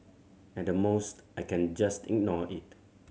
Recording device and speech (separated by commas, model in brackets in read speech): mobile phone (Samsung C7100), read sentence